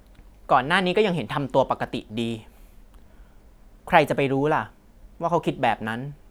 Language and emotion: Thai, frustrated